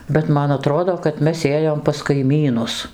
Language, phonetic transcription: Lithuanian, bet ˈman aˈtrodo kad ˈmes ˈėjom pas kaiˈmynus

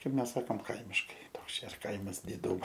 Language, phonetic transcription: Lithuanian, ˈkaip ˈmes ˈsakom ˈkaimiškai ˈtoks ˈčia ir ˈkaimas diˈdūmo

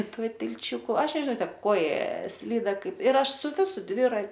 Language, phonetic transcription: Lithuanian, ˈtuo tilˈčiuku ˈaš nežiˈnau ˈtep ˈkoja ˈslyda ˈkaip ir ˈaš su ˈvisu ˈdvira

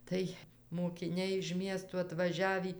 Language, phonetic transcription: Lithuanian, ˈtai mokiˈniai iž ˈmiestų atvaˈžiavį

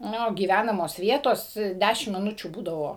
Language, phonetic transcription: Lithuanian, ˈniu gyˈvænamos ˈvietos ˈdæšim miˈnučių ˈbūdavo

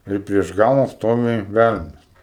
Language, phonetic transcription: Lithuanian, ˈir prieš ˈgala ˈstovi ˈvælenas

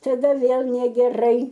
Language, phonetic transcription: Lithuanian, taˈda ˈvėl negeˈrai

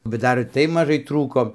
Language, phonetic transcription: Lithuanian, bet ˈdar ir ˈtai maˈžai ˈtrūko

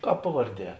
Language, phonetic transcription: Lithuanian, ˈkāp ˈpavarˌdie

